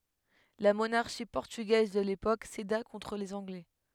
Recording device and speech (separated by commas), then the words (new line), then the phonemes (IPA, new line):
headset microphone, read sentence
La monarchie portugaise de l'époque céda contre les Anglais.
la monaʁʃi pɔʁtyɡɛz də lepok seda kɔ̃tʁ lez ɑ̃ɡlɛ